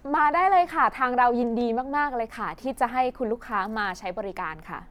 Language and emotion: Thai, happy